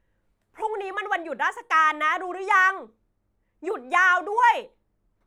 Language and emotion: Thai, angry